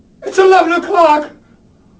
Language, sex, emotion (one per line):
English
male
fearful